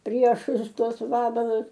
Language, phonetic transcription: Lithuanian, ˈpriešus ˈtuos ˈvabalus

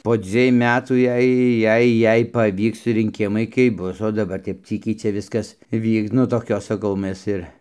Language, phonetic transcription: Lithuanian, po ˈdzviej ˈmetų ˈjei ˈjei ˈjei paˈvyks rinˈkimai kaip ˈbus o daˈbar kaip ˈcykiai ˈčia ˈviskas ˈvyks nu ˈtokios ˈsaˈkau mes ˈir

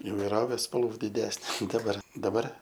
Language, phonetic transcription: Lithuanian, ivaiˈrovė spalˈvų diˈdesne ˈdabar daˈbar

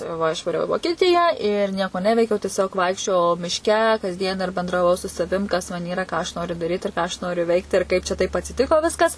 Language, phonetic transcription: Lithuanian, ˈva išvaˈriau i vokieˈtiją ir ˈnieko ˈneveikiau tieˈsiog ˈvaikščiojau mišˈke kasˈdien ir bendraˈvau su saˈvim ˈkas man ˈyra ˈką aš ˈnoriu daˈryt ir ˈką aš ˈnoriu ˈveikt ir ˈkaip čia taip atsiˈtiko ˈviskas

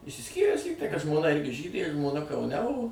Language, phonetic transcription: Lithuanian, išsisˈkyręs ˈlygtai kad žmoˈna ˈirgi ˈžydė žmoˈna kauˈne o

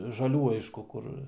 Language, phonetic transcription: Lithuanian, žaˈlių ˈaišku ˈkur

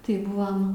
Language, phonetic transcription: Lithuanian, tai ˈbuvam

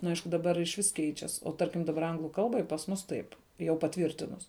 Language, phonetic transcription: Lithuanian, nu ˈaišku daˈbar išˈvis ˈkeičias o ˈtarkim daˈbar ˈanglu ˈkalbai pas ˈmus taip jau paˈtvyrtinus

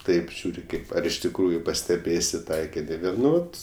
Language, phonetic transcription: Lithuanian, ˈtaip ˈžiūri ˈkaip ar iš tikˈrųju pasteˈbėsi ˈtaikini ˈvėl ˈnu ˈvat

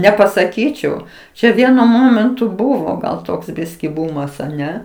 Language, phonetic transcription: Lithuanian, nepasaˈkyčiau ˈčia ˈvienu ˈmomentu ˈbuvo gal ˈtoksˈbiskį ˈbumas aˈne

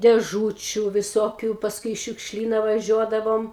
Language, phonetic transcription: Lithuanian, dėˈžūčiu viˈsokiu pasˈkui i šiukšˈlyna vaˈžiuodavom

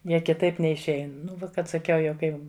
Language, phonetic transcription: Lithuanian, ˈjie kiˈtaip neišˈein ˈnu ˈkad saˈkiau jau ˈkai

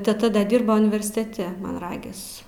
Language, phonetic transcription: Lithuanian, teˈta ˈda ˈdirbo universiteˈte man ˈragis

